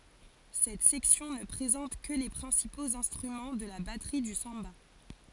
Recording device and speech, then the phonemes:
forehead accelerometer, read sentence
sɛt sɛksjɔ̃ nə pʁezɑ̃t kə le pʁɛ̃sipoz ɛ̃stʁymɑ̃ də la batʁi dy sɑ̃ba

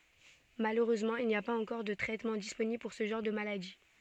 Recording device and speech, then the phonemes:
soft in-ear microphone, read sentence
maløʁøzmɑ̃ il ni a paz ɑ̃kɔʁ də tʁɛtmɑ̃ disponibl puʁ sə ʒɑ̃ʁ də maladi

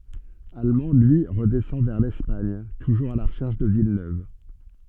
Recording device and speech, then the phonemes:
soft in-ear microphone, read sentence
almɑ̃ lyi ʁədɛsɑ̃ vɛʁ lɛspaɲ tuʒuʁz a la ʁəʃɛʁʃ də vilnøv

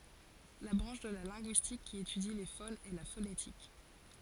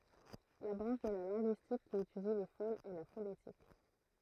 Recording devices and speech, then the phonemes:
forehead accelerometer, throat microphone, read sentence
la bʁɑ̃ʃ də la lɛ̃ɡyistik ki etydi le fonz ɛ la fonetik

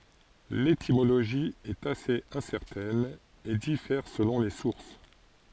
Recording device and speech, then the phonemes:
forehead accelerometer, read sentence
letimoloʒi ɛt asez ɛ̃sɛʁtɛn e difɛʁ səlɔ̃ le suʁs

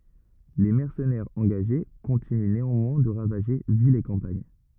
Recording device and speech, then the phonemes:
rigid in-ear microphone, read sentence
le mɛʁsənɛʁz ɑ̃ɡaʒe kɔ̃tiny neɑ̃mwɛ̃ də ʁavaʒe vilz e kɑ̃paɲ

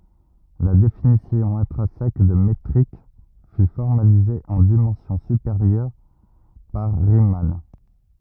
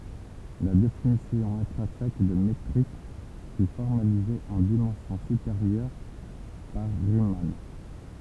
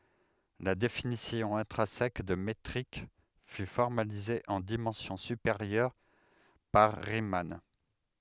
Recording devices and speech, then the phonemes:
rigid in-ear microphone, temple vibration pickup, headset microphone, read sentence
la definisjɔ̃ ɛ̃tʁɛ̃sɛk də metʁik fy fɔʁmalize ɑ̃ dimɑ̃sjɔ̃ sypeʁjœʁ paʁ ʁiman

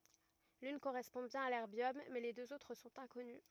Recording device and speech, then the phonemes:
rigid in-ear microphone, read sentence
lyn koʁɛspɔ̃ bjɛ̃n a lɛʁbjɔm mɛ le døz otʁ sɔ̃t ɛ̃kɔny

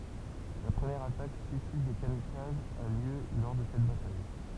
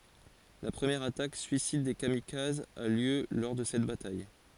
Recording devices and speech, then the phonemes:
temple vibration pickup, forehead accelerometer, read sentence
la pʁəmjɛʁ atak syisid de kamikazz a ljø lɔʁ də sɛt bataj

